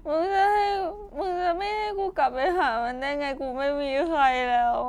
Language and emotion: Thai, sad